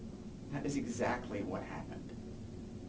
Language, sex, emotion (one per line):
English
male
neutral